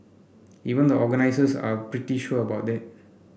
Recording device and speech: boundary microphone (BM630), read sentence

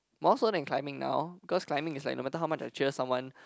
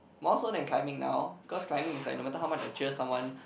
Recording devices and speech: close-talking microphone, boundary microphone, conversation in the same room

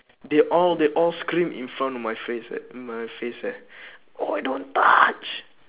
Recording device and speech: telephone, conversation in separate rooms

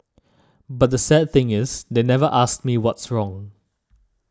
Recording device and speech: standing microphone (AKG C214), read sentence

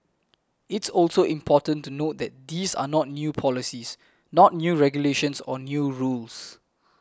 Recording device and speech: close-talking microphone (WH20), read sentence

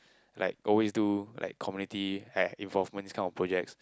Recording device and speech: close-talking microphone, conversation in the same room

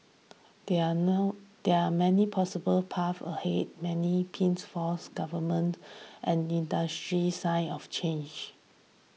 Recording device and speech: mobile phone (iPhone 6), read sentence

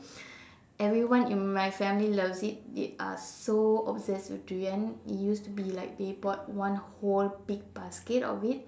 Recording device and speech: standing microphone, conversation in separate rooms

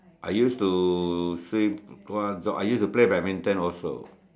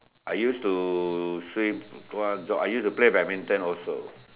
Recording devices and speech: standing microphone, telephone, conversation in separate rooms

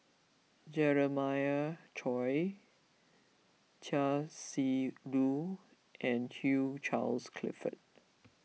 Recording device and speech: mobile phone (iPhone 6), read sentence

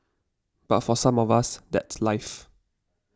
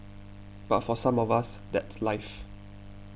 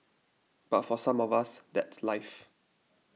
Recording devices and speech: standing microphone (AKG C214), boundary microphone (BM630), mobile phone (iPhone 6), read sentence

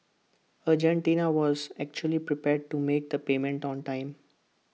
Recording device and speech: mobile phone (iPhone 6), read sentence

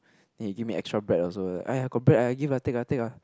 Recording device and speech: close-talking microphone, conversation in the same room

